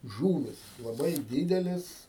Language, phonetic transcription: Lithuanian, ˈžūvis laˈbai ˈdydelės

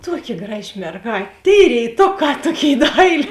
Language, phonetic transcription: Lithuanian, ˈtuoˌki ˈgraˌži merˈgāt' tėi rėiˈtoˌkā ˈtuoˌkėi ˈdailė

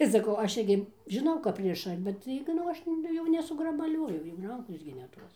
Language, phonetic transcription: Lithuanian, ir saˈkau ˈaš ˈirgi žiˈnau kap ˈriša bet ˈtaigi nu ˈaš jau nesugrabaˈlioju jau ˈrankos gi ne ˈtos

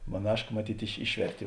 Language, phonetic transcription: Lithuanian, maˈnaška maˈtyt' iš ˈišvertė

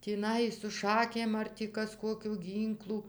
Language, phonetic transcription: Lithuanian, tįˈnai su ˈšakėm ar tį ˈkas ˈkokiu ˈgynklu

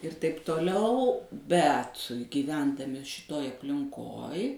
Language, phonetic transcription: Lithuanian, ir taip toˈliau ˈbet gyˈvendami šiˈtoj aplinˈkoj

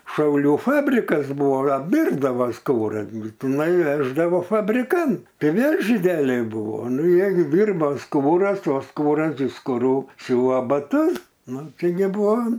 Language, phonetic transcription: Lithuanian, šauˈlių ˈfabrikas ˈbūvo apˈdyrbdavo ˈskūras gi tiˈnai ˈveždavo fabriˈkan ˈtai ˈvėl žyˈdeliai ˈbuvo ˈnu jie gi ˈdyrbo ˈskūras o ˈskūras iš skuˈrų ˈsiūva baˈtus ˈnu ˈčia gi ˈbuvo

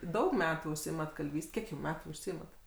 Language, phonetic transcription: Lithuanian, ˈdaug ˈmetų užˈsiimat kalˈvys't' ˈkiek jau ˈmetų užˈsiimat

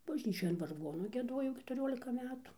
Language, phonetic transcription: Lithuanian, bažˈnyčioj an varˈgonu gieˈduojau ketuˈriolika ˈmetu

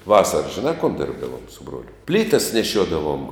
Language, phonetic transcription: Lithuanian, ˈvasaras žiˈnā kon ˈdirbdavom su ˈbruoliu ˈplytas neˈšiuodavom

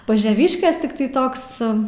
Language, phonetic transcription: Lithuanian, pažeˈviškės ˈtiktai ˈtoks

